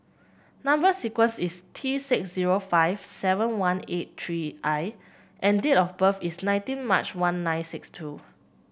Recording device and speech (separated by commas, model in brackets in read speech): boundary microphone (BM630), read sentence